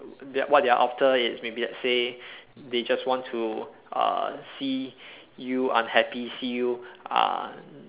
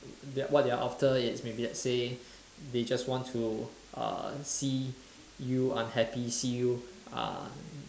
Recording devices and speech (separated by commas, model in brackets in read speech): telephone, standing microphone, conversation in separate rooms